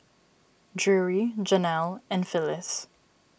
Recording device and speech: boundary microphone (BM630), read sentence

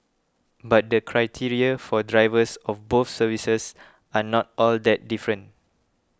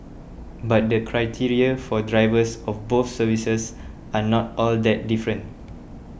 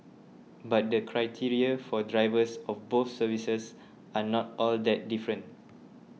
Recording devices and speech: close-talking microphone (WH20), boundary microphone (BM630), mobile phone (iPhone 6), read sentence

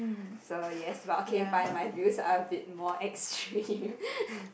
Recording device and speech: boundary microphone, conversation in the same room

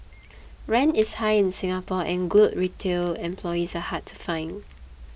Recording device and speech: boundary microphone (BM630), read sentence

